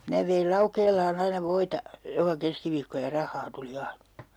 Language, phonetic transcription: Finnish, "minä veil 'Laukeel̀aan ‿aina 'voita , joka 'keskiviikko ja 'rah̆haa tuli 'ainA .
- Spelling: minä vein Laukeelaan aina voita joka keskiviikko ja rahaa tuli aina

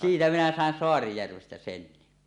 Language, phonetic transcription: Finnish, 'siitä minä sàen 'Soarijärvestä "senni .
- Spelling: siitä minä sain Saarijärvestä sen

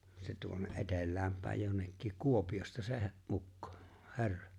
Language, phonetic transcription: Finnish, se tuonne’ '’etel̆lääm pä̀ej jonnekkik 'Kuopiʲosta se he- , '’ukko , 'he̬rra .
- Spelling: se tuonne etelään päin jonnekin Kuopiosta se - ukko herra

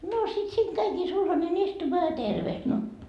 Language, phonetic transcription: Finnish, noo sit siiŋ 'käikii sulhane'n ‿istumaa ja "terveht no .
- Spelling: no sitten siinä kävikin sulhanen istumaan ja tervehti no

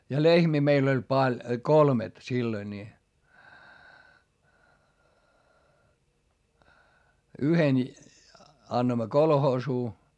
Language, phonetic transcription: Finnish, ja lehmii meil ‿oĺ paĺ , kolmet silloi ńi , yhen , annoimma kolhoosuu .
- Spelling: ja lehmiä meillä oli paljon kolmet silloin niin yhden annoimme kolhoosiin

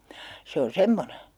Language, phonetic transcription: Finnish, 'se on̬ "semmone .
- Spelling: se on semmoinen

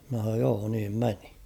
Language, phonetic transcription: Finnish, mn̬ä h̬an̬ooj 'joo niim 'meni .
- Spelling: minä sanoin joo niin meni

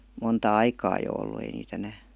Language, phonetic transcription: Finnish, monta "aikaa jo 'ollu ei niit ‿enää .
- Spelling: monta aikaa jo ollut ei niitä enää

